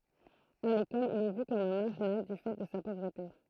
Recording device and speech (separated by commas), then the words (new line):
throat microphone, read sentence
À l'école, il est vu comme un marginal du fait de sa pauvreté.